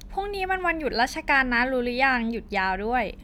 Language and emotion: Thai, happy